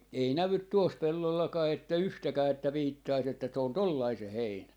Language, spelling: Finnish, ei näy tuossa pellollakaan että yhtäkään että viittaisi että se on tuollainen se heinä
- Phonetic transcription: 'ei 'nävyt "tuos 'pellollakaa että "yhtäkää että 'viittais ‿että se on "tollai 'se 'heinä .

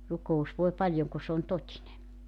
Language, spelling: Finnish, rukous voi paljon kun se on totinen
- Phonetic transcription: 'ruko₍us voe 'paljoŋ ku sᵉ ‿on "tot́ine .

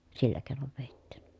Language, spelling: Finnish, sillä keinoin vedettiin
- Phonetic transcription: sillä kèi̮nov vèittI .

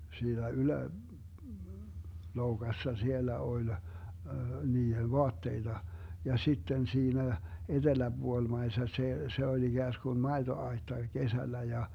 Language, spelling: Finnish, siinä - yläloukassa siellä oli niiden vaatteita ja sitten siinä eteläpuolimaisessa se se oli ikään kuin maitoaitta kesällä ja
- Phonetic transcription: siinä 'ylä- , -'loukassa "siellä 'oĺ , 'nii₍en̬ "voatteita , ja 'sitten 'siinä , 'eDeläBuolmaisessa see , 'se oĺ 'iGääskun "maeto₍ai̮tta 'kesällä ja ,.

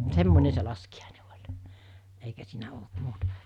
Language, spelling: Finnish, semmoinen se laskiainen oli eikä siinä ollut muuta
- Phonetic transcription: 'semmone se laski₍àine oĺ , eikä siinä olt 'muutᴀ .

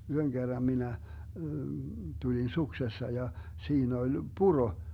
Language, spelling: Finnish, yhden kerran minä tulin suksessa ja siinä oli puro
- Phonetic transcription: 'yhöŋ Gerram 'minä , 'tulin 'suksessa ja , 'siin ‿oĺ "puro .

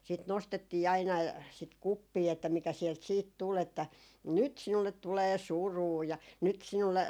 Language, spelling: Finnish, sitten nostettiin aina sitä kuppia että mikä sieltä sitten tuli että nyt sinulle tulee surua ja nyt sinulle
- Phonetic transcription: sit 'nostettii 'aina , sit "kuppii että mikä siɛlt 'siit tul ‿että , » 'nyt 'sinullet tulee "suruu » ja » nyt 'sinulle ,.

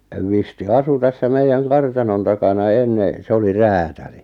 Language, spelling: Finnish, Visti asui tässä meidän kartanon takana ennen se oli räätäli
- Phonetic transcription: 'Visti "asu 'tässä 'meijjäŋ "kartanon takana 'enne , 'se oli "räätäli .

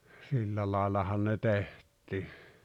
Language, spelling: Finnish, sillä laillahan ne tehtiin
- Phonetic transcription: 'sillä laaᵉlahan ne 'teht̀ii .

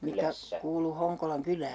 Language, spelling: Finnish, mikä kuului Honkolan kylään
- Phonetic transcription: 'mikä , kuulu 'Hoŋkolaŋ 'kylää ?

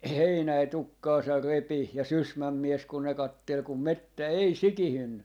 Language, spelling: Finnish, Heinänen tukkaansa repi ja Sysmän mies kun ne katseli kun metsä ei sikiyntynyt
- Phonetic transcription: "Heinäi 'tukkaasar 'repi ja "Sysmäm 'mies kun ne 'kattel kum "mettä 'ei "sikihynny .

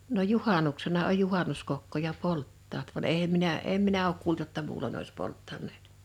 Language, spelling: Finnish, no juhannuksena on juhannuskokkoja polttavat vaan en minä en minä ole kuullut jotta muulloin olisi polttaneet
- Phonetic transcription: no "juhànuksena oj "juhànuskokkoja "polttaat van 'eʰem minä , 'em minä ook 'kuult jotta 'muulon ‿ois 'polttan̆neet .

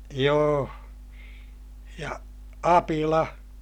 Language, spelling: Finnish, joo ja apila
- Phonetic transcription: joo , ja , apila !

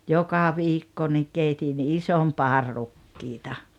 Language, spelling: Finnish, joka viikko niin keitin ison padan rukiita
- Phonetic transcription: joka "viikko nik 'keitin "isom "paar 'rukkiita .

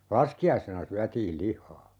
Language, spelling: Finnish, laskiaisena syötiin lihaa
- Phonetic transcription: "laski₍aisena 'syätiil 'lih̆haa .

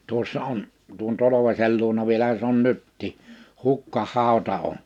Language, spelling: Finnish, tuossa on tuon Tolvasen luona vielähän se on nytkin hukkahauta on
- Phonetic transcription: 'tuossa 'on , tuon 'Tolovaśel luona 'vielähä se ‿on 'nyttii , 'hukka'hàota on .

